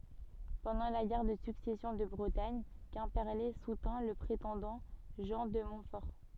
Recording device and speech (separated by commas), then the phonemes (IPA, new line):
soft in-ear microphone, read sentence
pɑ̃dɑ̃ la ɡɛʁ də syksɛsjɔ̃ də bʁətaɲ kɛ̃pɛʁle sutɛ̃ lə pʁetɑ̃dɑ̃ ʒɑ̃ də mɔ̃tfɔʁ